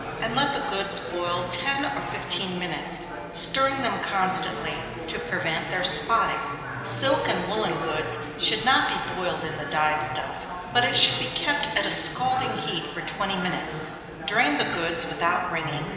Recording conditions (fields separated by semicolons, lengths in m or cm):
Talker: one person; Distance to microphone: 1.7 m; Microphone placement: close; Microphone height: 1.0 m; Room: very reverberant, large; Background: babble